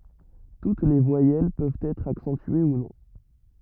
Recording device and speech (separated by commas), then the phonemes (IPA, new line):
rigid in-ear microphone, read sentence
tut le vwajɛl pøvt ɛtʁ aksɑ̃tye u nɔ̃